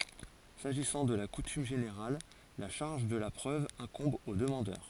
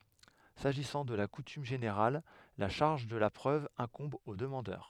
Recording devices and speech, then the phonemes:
forehead accelerometer, headset microphone, read sentence
saʒisɑ̃ də la kutym ʒeneʁal la ʃaʁʒ də la pʁøv ɛ̃kɔ̃b o dəmɑ̃dœʁ

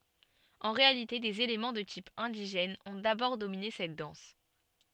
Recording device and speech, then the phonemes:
soft in-ear microphone, read sentence
ɑ̃ ʁealite dez elemɑ̃ də tip ɛ̃diʒɛn ɔ̃ dabɔʁ domine sɛt dɑ̃s

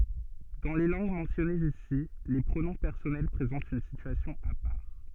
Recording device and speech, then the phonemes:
soft in-ear microphone, read sentence
dɑ̃ le lɑ̃ɡ mɑ̃sjɔnez isi le pʁonɔ̃ pɛʁsɔnɛl pʁezɑ̃tt yn sityasjɔ̃ a paʁ

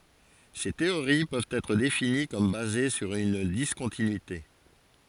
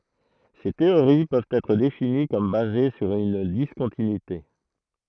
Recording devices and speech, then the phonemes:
forehead accelerometer, throat microphone, read sentence
se teoʁi pøvt ɛtʁ defini kɔm baze syʁ yn diskɔ̃tinyite

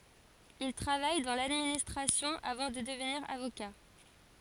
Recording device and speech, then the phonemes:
forehead accelerometer, read sentence
il tʁavaj dɑ̃ ladministʁasjɔ̃ avɑ̃ də dəvniʁ avoka

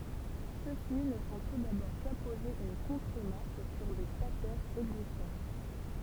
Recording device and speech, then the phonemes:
temple vibration pickup, read sentence
søksi nə fɔ̃ tu dabɔʁ kapoze yn kɔ̃tʁəmaʁk syʁ de statɛʁz ɛɡzistɑ̃t

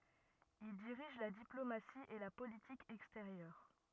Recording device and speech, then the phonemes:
rigid in-ear microphone, read sentence
il diʁiʒ la diplomasi e la politik ɛksteʁjœʁ

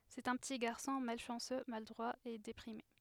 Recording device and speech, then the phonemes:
headset microphone, read sentence
sɛt œ̃ pəti ɡaʁsɔ̃ malʃɑ̃sø maladʁwa e depʁime

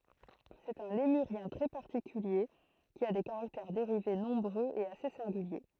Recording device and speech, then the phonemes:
throat microphone, read sentence
sɛt œ̃ lemyʁjɛ̃ tʁɛ paʁtikylje ki a de kaʁaktɛʁ deʁive nɔ̃bʁøz e ase sɛ̃ɡylje

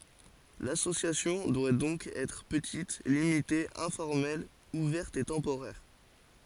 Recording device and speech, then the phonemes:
forehead accelerometer, read sentence
lasosjasjɔ̃ dwa dɔ̃k ɛtʁ pətit limite ɛ̃fɔʁmɛl uvɛʁt e tɑ̃poʁɛʁ

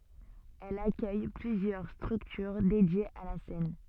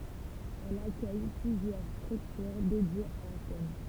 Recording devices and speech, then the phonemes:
soft in-ear microphone, temple vibration pickup, read sentence
ɛl akœj plyzjœʁ stʁyktyʁ dedjez a la sɛn

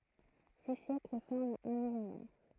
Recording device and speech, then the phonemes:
throat microphone, read sentence
di sjɛkl fɔʁmt œ̃ milenɛʁ

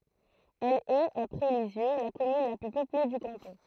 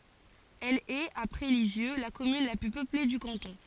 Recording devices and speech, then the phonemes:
throat microphone, forehead accelerometer, read sentence
ɛl ɛt apʁɛ lizjø la kɔmyn la ply pøple dy kɑ̃tɔ̃

